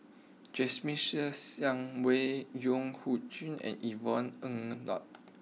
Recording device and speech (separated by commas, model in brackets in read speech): mobile phone (iPhone 6), read sentence